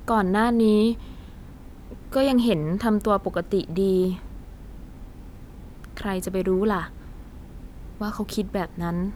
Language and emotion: Thai, frustrated